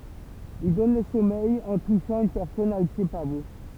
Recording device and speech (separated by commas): temple vibration pickup, read sentence